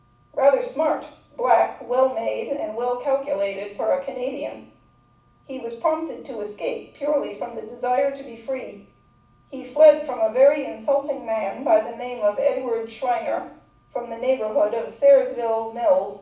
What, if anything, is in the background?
Nothing.